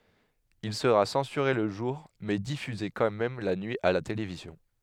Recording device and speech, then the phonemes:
headset microphone, read sentence
il səʁa sɑ̃syʁe lə ʒuʁ mɛ difyze kɑ̃ mɛm la nyi a la televizjɔ̃

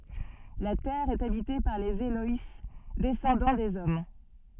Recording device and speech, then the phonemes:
soft in-ear microphone, read sentence
la tɛʁ ɛt abite paʁ lez elɔj dɛsɑ̃dɑ̃ dez ɔm

